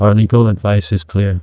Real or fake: fake